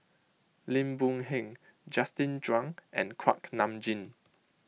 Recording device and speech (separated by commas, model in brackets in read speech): mobile phone (iPhone 6), read sentence